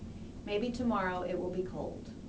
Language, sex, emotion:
English, female, neutral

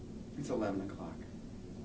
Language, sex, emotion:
English, male, neutral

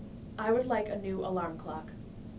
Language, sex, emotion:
English, female, neutral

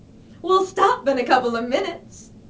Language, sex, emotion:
English, female, happy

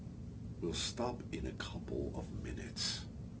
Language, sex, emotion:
English, male, angry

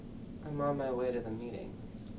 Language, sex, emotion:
English, male, neutral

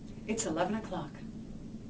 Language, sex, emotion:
English, female, neutral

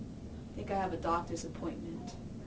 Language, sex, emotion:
English, female, neutral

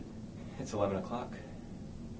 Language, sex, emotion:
English, male, neutral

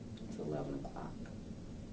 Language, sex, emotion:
English, female, neutral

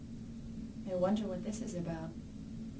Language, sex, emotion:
English, female, fearful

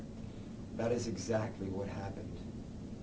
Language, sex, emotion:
English, male, neutral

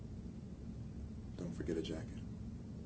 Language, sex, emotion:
English, male, neutral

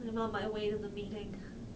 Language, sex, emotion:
English, female, sad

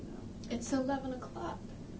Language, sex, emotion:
English, female, sad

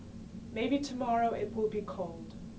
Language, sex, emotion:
English, female, neutral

